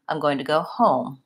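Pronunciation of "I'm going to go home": The stress is on 'home', which is stretched out, while the rest of the phrase is said fast.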